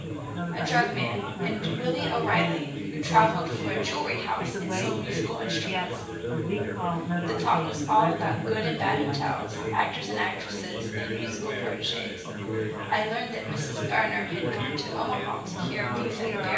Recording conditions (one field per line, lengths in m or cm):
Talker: one person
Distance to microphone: 9.8 m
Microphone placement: far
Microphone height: 1.8 m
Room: large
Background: babble